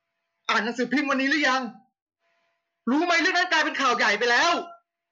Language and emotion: Thai, angry